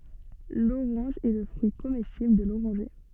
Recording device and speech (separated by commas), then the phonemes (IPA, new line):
soft in-ear microphone, read sentence
loʁɑ̃ʒ ɛ lə fʁyi komɛstibl də loʁɑ̃ʒe